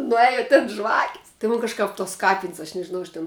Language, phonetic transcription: Lithuanian, nuˈėja tin ˈžvakis ti ˈmun kažˈkap tos ˈkapin's' aš nežiˈnau aš ˈtin

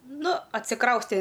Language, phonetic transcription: Lithuanian, ˈnu atsiˈkraustė

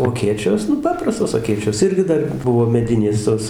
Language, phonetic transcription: Lithuanian, o aˈkėčios ˈnu ˈpaprastos aˈkėčios ˈirgi ˈdar ˈbuvo meˈdinės ˈtos

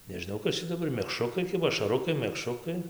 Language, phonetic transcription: Lithuanian, nežiˈnau ˈkas čia daˈbar mekˈšrukai ˈkiba ašaˈrukai mekˈšrukai

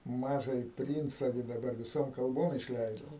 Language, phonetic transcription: Lithuanian, ˈmažąji ˈprynca gi daˈbar viˈsom kalˈbom išˈleido

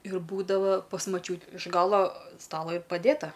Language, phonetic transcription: Lithuanian, ir ˈbūdava pas maˈčiū iš ˈgalo ˈstalo ir paˈdėta

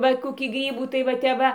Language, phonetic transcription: Lithuanian, ˈva koˈkį ˈgrybų tai va ˈtep ˈva

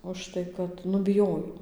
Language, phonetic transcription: Lithuanian, užˈtai kad ˈnu biˈjojo

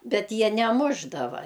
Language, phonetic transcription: Lithuanian, ˈbet ˈjie neˈmušdava

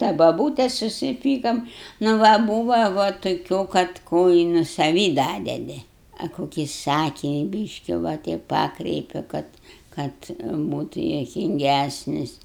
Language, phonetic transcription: Lithuanian, ta baˈbūtes susiˈpykom nu ˈva ˈbūva va toˈkių kad ˈko i nu saˈvį ˈdadedi a koˈkį ˈsakini ˈbyški va ˈteip ˈpakreipi ˈkad ˈkad ˈbūtu juokinˈgæsnis

